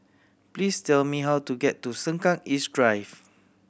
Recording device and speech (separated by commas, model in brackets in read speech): boundary microphone (BM630), read sentence